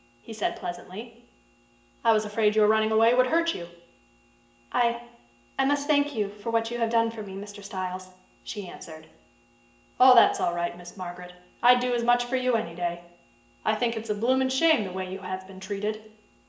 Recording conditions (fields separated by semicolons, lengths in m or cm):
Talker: one person; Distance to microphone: 1.8 m; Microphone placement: close; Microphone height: 1.0 m; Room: large; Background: none